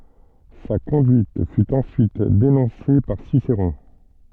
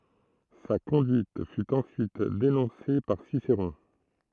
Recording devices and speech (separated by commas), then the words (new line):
soft in-ear microphone, throat microphone, read sentence
Sa conduite fut ensuite dénoncée par Cicéron.